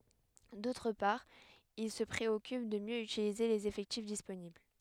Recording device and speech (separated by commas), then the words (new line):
headset microphone, read sentence
D'autre part il se préoccupe de mieux utiliser les effectifs disponibles.